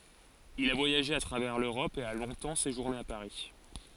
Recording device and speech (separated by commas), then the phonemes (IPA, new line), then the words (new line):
forehead accelerometer, read sentence
il a vwajaʒe a tʁavɛʁ løʁɔp e a lɔ̃tɑ̃ seʒuʁne a paʁi
Il a voyagé à travers l'Europe et a longtemps séjourné à Paris.